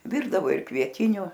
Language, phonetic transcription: Lithuanian, ˈvirdavo ir kvieˈtiniu

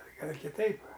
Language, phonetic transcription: Lithuanian, ˈgal' ir kiˈtaip

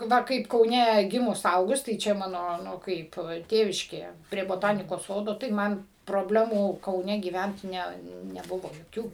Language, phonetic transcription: Lithuanian, ˈva ˈkaip kauˈne ˈgimus ˈaugus tai ˈčia ˈmano ˈnu ˈkaip ˈtėviškėje prie boˈtanikos ˈsodo tai ˈman probˈlemų kauˈne gyˈvent ˈne neˈbuvo joˈkių

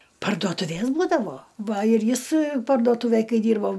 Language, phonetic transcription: Lithuanian, parduotuˈvės ˈbūdavo ˈva ir ˈjis parduoˈtūvėj ˈkai ˈdyrbo

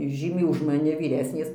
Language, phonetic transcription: Lithuanian, ˈžymiai už maˈni vyˈresnės

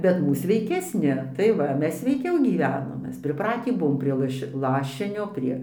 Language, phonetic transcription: Lithuanian, ˈbet ˈmūs sveikesˈni tai ˈva ˈmes sveiˈkiau gyˈvenom ˈmes priˈpratį ˈbuvom prie ˈlaš' ˈlašinio ˈprie

